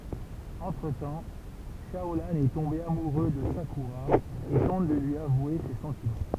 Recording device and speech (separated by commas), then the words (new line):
temple vibration pickup, read sentence
Entre-temps, Shaolan est tombé amoureux de Sakura et tente de lui avouer ses sentiments.